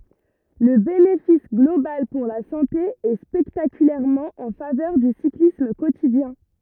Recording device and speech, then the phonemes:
rigid in-ear microphone, read sentence
lə benefis ɡlobal puʁ la sɑ̃te ɛ spɛktakylɛʁmɑ̃ ɑ̃ favœʁ dy siklism kotidjɛ̃

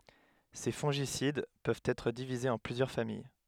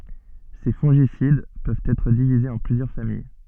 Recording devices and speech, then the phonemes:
headset microphone, soft in-ear microphone, read sentence
se fɔ̃ʒisid pøvt ɛtʁ divizez ɑ̃ plyzjœʁ famij

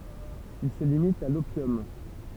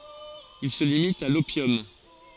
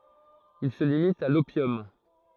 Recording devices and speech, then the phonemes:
temple vibration pickup, forehead accelerometer, throat microphone, read sentence
il sə limit a lopjɔm

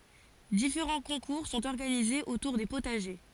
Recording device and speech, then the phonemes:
forehead accelerometer, read sentence
difeʁɑ̃ kɔ̃kuʁ sɔ̃t ɔʁɡanizez otuʁ de potaʒe

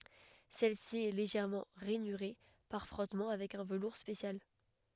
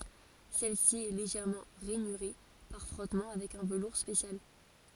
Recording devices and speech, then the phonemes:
headset microphone, forehead accelerometer, read sentence
sɛlsi ɛ leʒɛʁmɑ̃ ʁɛnyʁe paʁ fʁɔtmɑ̃ avɛk œ̃ vəluʁ spesjal

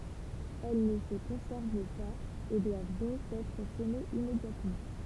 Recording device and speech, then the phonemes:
temple vibration pickup, read sentence
ɛl nə sə kɔ̃sɛʁv paz e dwav dɔ̃k ɛtʁ səmez immedjatmɑ̃

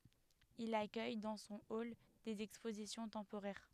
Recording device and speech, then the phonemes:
headset microphone, read sentence
il akœj dɑ̃ sɔ̃ ɔl dez ɛkspozisjɔ̃ tɑ̃poʁɛʁ

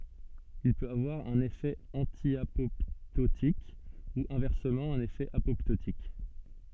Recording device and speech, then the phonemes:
soft in-ear microphone, read sentence
il pøt avwaʁ œ̃n efɛ ɑ̃tjapɔptotik u ɛ̃vɛʁsəmɑ̃ œ̃n efɛ apɔptotik

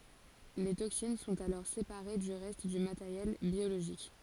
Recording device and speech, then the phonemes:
forehead accelerometer, read sentence
le toksin sɔ̃t alɔʁ sepaʁe dy ʁɛst dy mateʁjɛl bjoloʒik

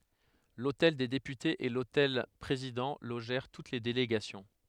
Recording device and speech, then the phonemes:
headset microphone, read sentence
lotɛl de depytez e lotɛl pʁezidɑ̃ loʒɛʁ tut le deleɡasjɔ̃

